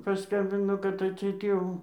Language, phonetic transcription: Lithuanian, paˈskambino kad atˈseit ˈjau

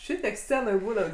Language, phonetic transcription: Lithuanian, ˈšitiek ˈscenoj ˈbūnat

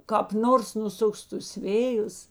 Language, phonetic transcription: Lithuanian, kāp ˈnors nuˈsuks tus ˈvėjus

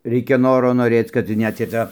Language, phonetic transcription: Lithuanian, ˈreikia ˈnoro noˈrėc kad ˈnet i ˈtą

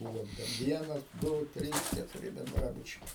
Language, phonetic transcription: Lithuanian, ˈbuvo ten ˈvienas ˈdu ˈtrys ketuˈri benˈdrabučiai

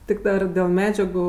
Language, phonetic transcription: Lithuanian, ˈtik dar dėl ˈmedžiagu

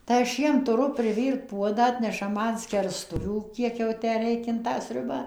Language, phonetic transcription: Lithuanian, tai aš ˈjiem tuˈru priˈvyrt ˈpuodą ˈatneša ˈman skerˈstuvių ˈkiek jau ˈtę ˈreik in tą ˈsriuba

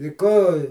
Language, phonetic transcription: Lithuanian, i ˈko

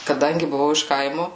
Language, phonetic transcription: Lithuanian, kaˈdangi buˈvau iš ˈkaimo

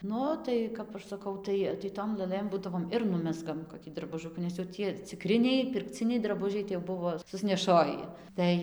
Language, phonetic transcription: Lithuanian, ˈnu tai ˈkap aš saˈkau ˈtai tai ˈtom lɘˈlɘm ˈbūdavom ir ˈnumezgam koˈkį drabuˈžukų nes jau ˈtie ciˈkriniai pirkˈciniai draˈbužiai tai jau ˈbuvo susneˈšoji ˈtai

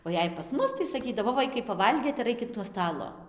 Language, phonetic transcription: Lithuanian, o ˈjei pas ˈmus tai saˈkydavo ˈvaikai paˈvalgėt ir ˈaikit nuo ˈstalo

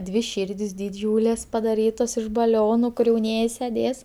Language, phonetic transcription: Lithuanian, dvi ˈšyrdis diˈdžiūlės padaˈrytos iš baˈlionu kur jauˈnieji seˈdės

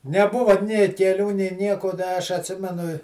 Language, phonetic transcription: Lithuanian, neˈbuva nė keˈlių nė ˈnieko ˈda aš atˈsimenu i

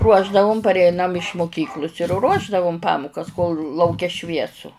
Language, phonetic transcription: Lithuanian, ˈruošdavum parˈeinam iš muˈkyklus ir ˈruošdavum ˈpamukas kol lauˈke ˈšviesu

